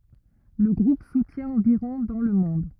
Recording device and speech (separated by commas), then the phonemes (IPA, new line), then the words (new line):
rigid in-ear microphone, read sentence
lə ɡʁup sutjɛ̃ ɑ̃viʁɔ̃ dɑ̃ lə mɔ̃d
Le groupe soutient environ dans le monde.